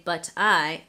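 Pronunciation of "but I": In 'but I', the t is not said as a flap T, so the two words are not linked with a flap.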